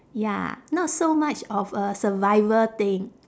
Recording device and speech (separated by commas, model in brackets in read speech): standing microphone, conversation in separate rooms